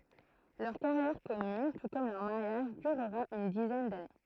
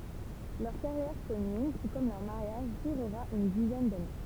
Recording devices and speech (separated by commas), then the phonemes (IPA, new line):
throat microphone, temple vibration pickup, read sentence
lœʁ kaʁjɛʁ kɔmyn tu kɔm lœʁ maʁjaʒ dyʁʁa yn dizɛn dane